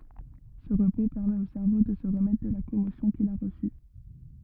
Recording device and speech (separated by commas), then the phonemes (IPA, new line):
rigid in-ear microphone, read sentence
sə ʁəpo pɛʁmɛt o sɛʁvo də sə ʁəmɛtʁ də la kɔmosjɔ̃ kil a ʁəsy